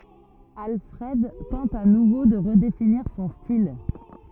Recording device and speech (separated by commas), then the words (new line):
rigid in-ear microphone, read sentence
Alfred tente à nouveau de redéfinir son style.